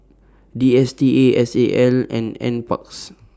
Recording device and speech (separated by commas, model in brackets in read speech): standing microphone (AKG C214), read sentence